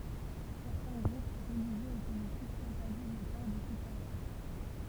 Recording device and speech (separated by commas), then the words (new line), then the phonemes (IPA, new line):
temple vibration pickup, read sentence
Certains groupes religieux et politiques interdisent le port du soutien-gorge.
sɛʁtɛ̃ ɡʁup ʁəliʒjøz e politikz ɛ̃tɛʁdiz lə pɔʁ dy sutjɛ̃ɡɔʁʒ